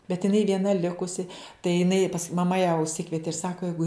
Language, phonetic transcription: Lithuanian, bet iˈnai vieˈna ˈlikusi tai jiˈnai pas maˈma ją užˈsikvieti ir ˈsako ˈjeigu

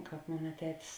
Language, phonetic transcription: Lithuanian, ˈkāp ˈmona ˈtetis

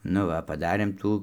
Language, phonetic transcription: Lithuanian, nu ˈva paˈdarėm ˈtų

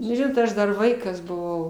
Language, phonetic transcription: Lithuanian, nu ˈžinot ˈaš dar ˈvaikas buˈvau

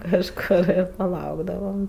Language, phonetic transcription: Lithuanian, kažˈkor ir paˈlaukdavam

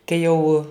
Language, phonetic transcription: Lithuanian, ˈkai jau

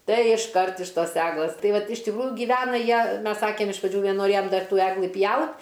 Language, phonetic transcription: Lithuanian, ˈtai išˈkart iš ˈtos ˈeglɘs ˈtai ˈvat iš tikˈrųju gyˈvena ˈjie ˈmes ˈsakėm iš praˈdžių nenoˈrėjom ˈdar ˈtų ˈeglɨ ˈpjaut

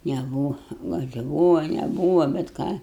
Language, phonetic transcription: Lithuanian, neˈbūva gal' i ˈbūva neˈbūva bet ˈką

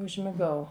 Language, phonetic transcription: Lithuanian, užmiˈgau

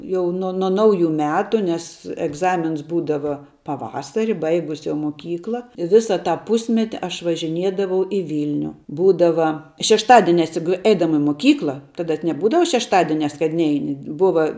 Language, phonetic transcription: Lithuanian, ˈjau nuo na ˈnauˌju ˈmetu nes egˈzamins ˈbūdava paˈvasari ˈbaigus jau moˈkykla i ˈvisa tą ˈpusmeti ˈaš važiˈniedavau i ˈvylniu ˈbūdava šešˈtadienias jug ˈeidama i moˈkykla ˈtada neˈbūdava šešˈtadienias kad ˈneini ˈbuva

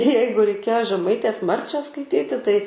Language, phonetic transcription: Lithuanian, ˈjeigu reiˈkėjo žeˈmaitės ˈmarčią skaiˈtyti tai

